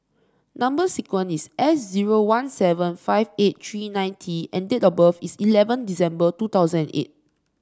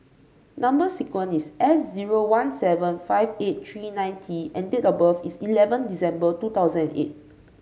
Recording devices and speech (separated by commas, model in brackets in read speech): standing microphone (AKG C214), mobile phone (Samsung C5), read sentence